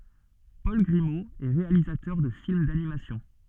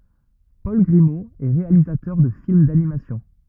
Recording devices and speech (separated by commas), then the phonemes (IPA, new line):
soft in-ear microphone, rigid in-ear microphone, read sentence
pɔl ɡʁimo ɛ ʁealizatœʁ də film danimasjɔ̃